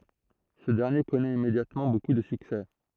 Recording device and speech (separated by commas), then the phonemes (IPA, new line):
throat microphone, read sentence
sə dɛʁnje kɔnɛt immedjatmɑ̃ boku də syksɛ